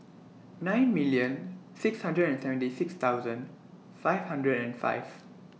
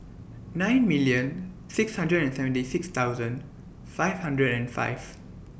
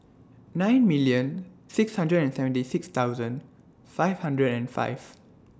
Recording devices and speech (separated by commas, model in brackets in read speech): mobile phone (iPhone 6), boundary microphone (BM630), standing microphone (AKG C214), read sentence